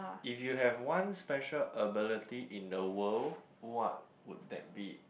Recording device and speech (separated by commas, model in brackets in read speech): boundary microphone, conversation in the same room